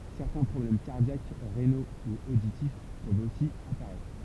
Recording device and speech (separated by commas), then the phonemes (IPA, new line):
temple vibration pickup, read sentence
sɛʁtɛ̃ pʁɔblɛm kaʁdjak ʁeno u oditif pøvt osi apaʁɛtʁ